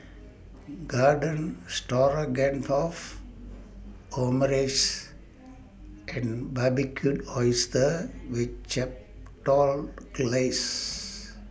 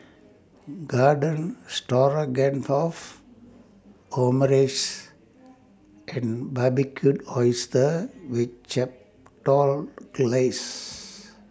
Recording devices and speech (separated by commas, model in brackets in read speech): boundary microphone (BM630), standing microphone (AKG C214), read sentence